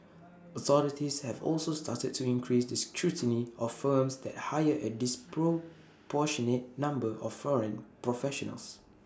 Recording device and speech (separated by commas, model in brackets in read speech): standing microphone (AKG C214), read sentence